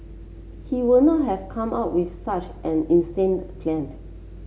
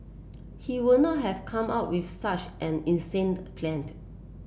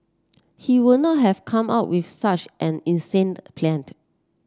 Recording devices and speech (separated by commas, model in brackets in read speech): mobile phone (Samsung C7), boundary microphone (BM630), standing microphone (AKG C214), read sentence